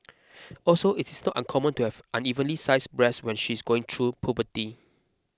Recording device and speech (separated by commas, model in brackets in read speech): close-talking microphone (WH20), read sentence